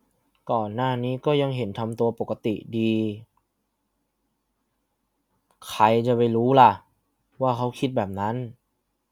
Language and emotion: Thai, frustrated